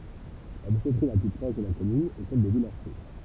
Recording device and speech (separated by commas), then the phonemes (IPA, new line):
temple vibration pickup, read sentence
la deʃɛtʁi la ply pʁɔʃ də la kɔmyn ɛ sɛl də vilɔʁso